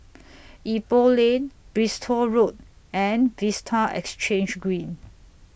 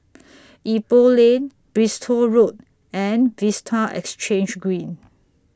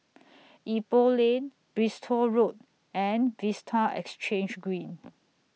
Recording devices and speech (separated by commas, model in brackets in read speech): boundary microphone (BM630), standing microphone (AKG C214), mobile phone (iPhone 6), read sentence